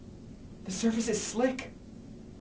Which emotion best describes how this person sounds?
fearful